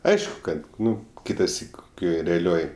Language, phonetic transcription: Lithuanian, ˈaišku kad ˈnu ˈkitasyk koˈkioj reaˈlioj

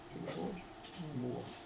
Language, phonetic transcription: Lithuanian, tik ˈžodžiu ˈbūvo

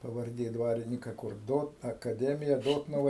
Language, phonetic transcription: Lithuanian, pavarˈdė ˈdvarinika kur ˈdot akaˈdemija ˈdotnuva

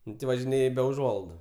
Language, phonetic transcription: Lithuanian, ˈnu ti važiˈnėj be uˈžuolaidu

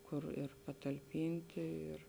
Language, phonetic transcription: Lithuanian, ˈkur ir patalˈpinti ir

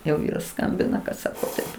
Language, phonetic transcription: Lithuanian, jau ˈvyras ˈskambina kad ˈsako taip

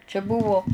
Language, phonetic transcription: Lithuanian, čia ˈbuvo

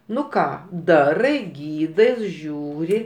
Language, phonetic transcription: Lithuanian, ˈnu ˈką ˈdarai ˈgydais ˈžiūri

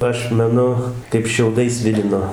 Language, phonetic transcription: Lithuanian, ˈaš meˈnu kaip šiauˈdais ˈsvilino

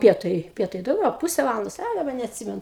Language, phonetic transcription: Lithuanian, ˈpietai ˈpietai dauˈgiau a ˈpuse ˈvalandos a daˈba neatˈsimenu

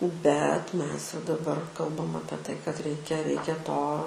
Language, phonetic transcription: Lithuanian, bet ˈmes jau daˈbar ˈkalbam ˈapie ˈtai kad ˈreikia ˈreikia ˈto

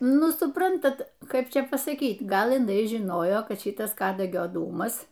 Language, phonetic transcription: Lithuanian, ˈnu suˈprantat ˈkaip ˈčia pasaˈkyt ˈgal iˈnai žiˈnojo ˈkad ˈšitas ˈkadagio ˈdūmas

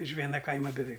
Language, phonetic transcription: Lithuanian, iš ˈviena ˈkaima beˈveik

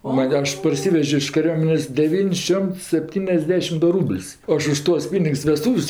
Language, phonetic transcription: Lithuanian, o ˈman' ˈaš parˈsivežio iš kaˈriuomenės' deˈvyn's' ˈšiomts sepˈtyniasˌdešim ˈdu ˈrūbl's' ˈaš už ˈtuos ˈpynigs veˈstūv's'

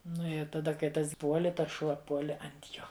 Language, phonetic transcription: Lithuanian, ˈnu i taˈda kai ˈtas ˈpuoli ˈtas ˈšuo ˈpuoli ant ˈjo

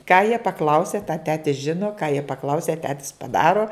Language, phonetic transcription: Lithuanian, ką jie paˈklausia tą ˈtetis ˈžino ką jie paˈklausia ˈtetis paˈdaro

